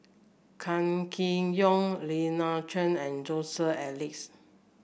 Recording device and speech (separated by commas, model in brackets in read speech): boundary microphone (BM630), read sentence